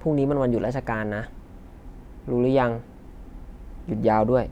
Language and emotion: Thai, neutral